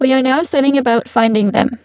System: VC, spectral filtering